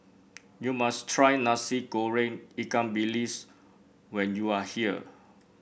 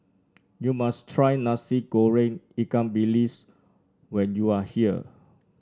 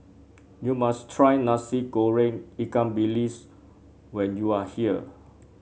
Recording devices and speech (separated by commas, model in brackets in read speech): boundary microphone (BM630), standing microphone (AKG C214), mobile phone (Samsung C7), read sentence